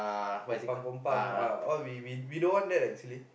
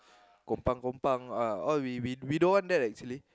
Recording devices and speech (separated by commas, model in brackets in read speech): boundary microphone, close-talking microphone, conversation in the same room